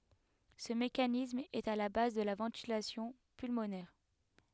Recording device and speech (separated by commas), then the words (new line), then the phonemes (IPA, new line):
headset microphone, read sentence
Ce mécanisme est à la base de la ventilation pulmonaire.
sə mekanism ɛt a la baz də la vɑ̃tilasjɔ̃ pylmonɛʁ